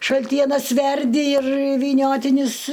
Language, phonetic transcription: Lithuanian, šalˈtienas ˈverdi ir vyˈniotinius

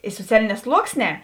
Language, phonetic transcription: Lithuanian, i soˈcialiˌnē ˈsluoksˌnē

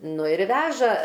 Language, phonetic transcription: Lithuanian, ˈnu ir ˈveža

